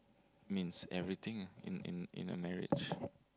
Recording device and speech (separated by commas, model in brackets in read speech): close-talking microphone, conversation in the same room